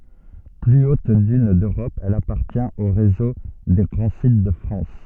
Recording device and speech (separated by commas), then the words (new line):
soft in-ear microphone, read sentence
Plus haute dune d'Europe, elle appartient au réseau des grands sites de France.